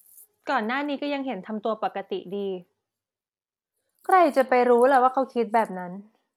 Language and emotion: Thai, frustrated